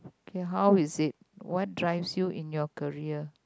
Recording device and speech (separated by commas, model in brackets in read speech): close-talking microphone, conversation in the same room